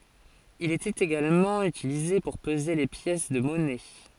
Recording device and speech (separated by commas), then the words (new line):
forehead accelerometer, read sentence
Il était également utilisé pour peser les pièces de monnaies.